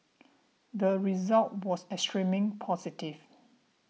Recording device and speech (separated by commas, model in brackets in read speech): mobile phone (iPhone 6), read sentence